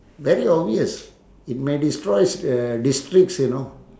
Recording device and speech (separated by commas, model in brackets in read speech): standing microphone, conversation in separate rooms